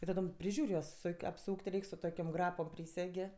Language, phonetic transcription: Lithuanian, i taˈdom priˈžiūr' ˈjuos ˈsuk' apˈsūk't' ˈreik' su ˈtokiom ˈgrapom ˈprysegė

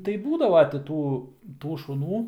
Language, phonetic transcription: Lithuanian, tai ˈbūdava ti ˈtų ˈtų šuˈnų

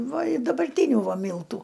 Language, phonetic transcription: Lithuanian, ˈva i dabarˈtyniu ˈva ˈmyltu

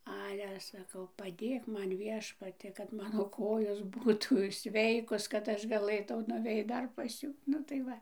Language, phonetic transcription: Lithuanian, ˈale saˈkau paˈdėk ˈman ˈviešpatie kad ˈmano ˈkojos ˈbūtų ˈsveikos kad ˈaš gaˈlɘtau nuˈveit ˈdar pas ˈjų ˈnu tai ˈva

